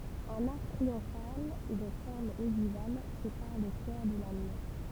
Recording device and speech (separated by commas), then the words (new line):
temple vibration pickup, read sentence
Un arc triomphal de forme ogivale sépare le chœur de la nef.